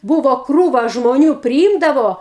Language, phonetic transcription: Lithuanian, ˈbūvo ˈkrūva žmoˈnių priˈymdavo

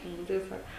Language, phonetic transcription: Lithuanian, ˈnu tai ˈsak

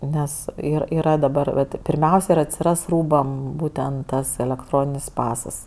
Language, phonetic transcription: Lithuanian, ˈnes ˈir yˈra daˈbar vat pirˈmiausia ir atsiˈras ˈrūbam ˈbūtent ˈtas elekˈtroninis ˈpasas

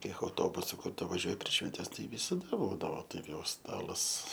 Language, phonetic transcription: Lithuanian, ˈkiek auˈtobusu ˈkur tu vaˈžiuoj prieš švenˈtes tai visaˈda ˈbūdavo ˈtaip jau ˈstalas

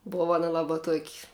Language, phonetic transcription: Lithuanian, ˈbova ˈana ˈlaba tuok'

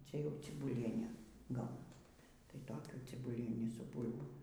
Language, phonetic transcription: Lithuanian, ˈčia jau cibuˈliene ˈgaunas tai ˈtokių cibuˈlienį su ˈbūl'bom

